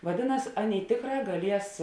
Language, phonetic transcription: Lithuanian, vaˈdėˌnas ˈaˌnėi ˈtėkˌrā gaˈlies

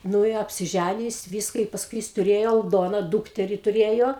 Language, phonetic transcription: Lithuanian, ˈnu i apsiˈžænijo ˈjis ˈvyska i pasˈkui jis tuˈrėjo alˈdona ˈdūkteri tuˈrėjo

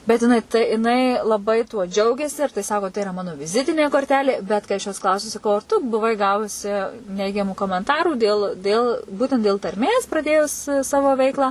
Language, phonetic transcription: Lithuanian, bet jiˈnai tai jiˈnai laˈbai tuo ˈdžiaugiasi ir tai ˈsako tai iˈra ˈmano viˈzitinė korˈtelė bet kai ˈaš jos ˈklausiu saˈkau ar ˈtu buˈvai ˈgavusi ˈneigiamų komenˈtarų dėl ˈdėl ˈbūtent dėl tarˈmės praˈdėjus ˈsavo ˈveiklą

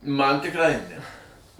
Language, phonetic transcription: Lithuanian, ˈman tikˈrai ne

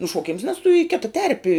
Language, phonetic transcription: Lithuanian, nušuoˈkims nes tu į ˈkita ˈterpi

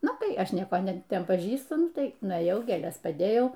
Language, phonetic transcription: Lithuanian, ˈnu tai ˈaš ˈnieko ˈne ˈten paˈžįstu ˈnuˈtai nuėˈjau gėˈles paˈdėjau

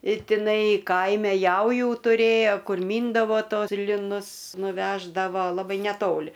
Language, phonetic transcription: Lithuanian, i tiˈnai ˈkaime ˈjaujų tuˈrėjo ˈkur ˈmyndavo ˈtos liˈnus nuˈveždavo laˈbai neˈtoli

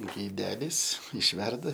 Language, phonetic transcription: Lithuanian, gaiˈdelis išˈverda

